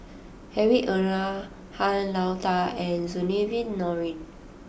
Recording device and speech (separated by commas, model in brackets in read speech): boundary microphone (BM630), read sentence